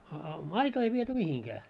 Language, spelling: Finnish, a a maitoa ei viety mihinkään
- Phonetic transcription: a a "maitoo ei viety 'mihiŋkää .

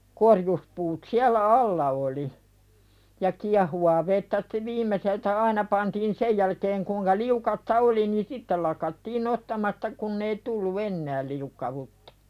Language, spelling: Finnish, korjuspuut siellä alla oli ja kiehuvaa vettä sitä viimeiseltä aina pantiin sen jälkeen kuinka liukasta oli niin sitten lakattiin nostamasta kun ei tullut enää liukkautta
- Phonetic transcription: 'korjuspuut 'siällä "alla oli , ja 'kiahuwaa vettä stᴇ 'viim̀eseltä "aina pantiin "sej jälkeeŋ kuuŋka 'liukasta "oli ni "sitteˡ lakattiin 'nostamasta 'kunn ‿ei tullu "ennääl liukkawuttᴀ .

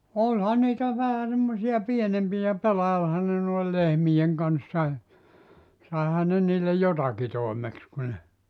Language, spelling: Finnish, olihan niitä vähän semmoisia pienempiä pelailihan ne noin lehmien kanssa - saihan ne niille jotakin toimeksi kun ne
- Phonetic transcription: 'oĺha niitä 'vähä semmosi₍a "pienempijä 'pelailhan ne noil "lehmijeŋ kanssa e , 'sàehan ne niille "jotaki 'toemeks ku ne ,.

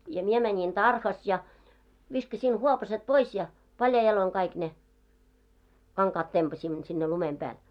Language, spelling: Finnish, ja minä menin tarhassa ja viskasin huopaset pois ja paljain jaloin kaikki ne kankaat tempasimme sinne lumen päälle
- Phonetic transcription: ja 'mie mäńiŋ tarhas ja , 'viskasin "huopaset "pois ja , 'paljai jaloiŋ kaik ne , 'kaŋkaat tempaśimmo sinne 'lumem 'pääl .

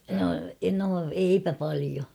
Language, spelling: Finnish, no no eipä paljon
- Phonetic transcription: no , no 'eipä palio .

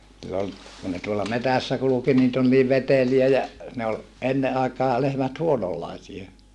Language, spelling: Finnish, kun ne tuolla metsässä kulki niitä oli niin veteliä ja ne oli ennen aikaa lehmät huononlaisia
- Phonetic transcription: - - kun ne tuolla metässä kuluki niit ‿ol niiv veteliä ja , ne ol , enne aekaa lehmät huonollaisie .

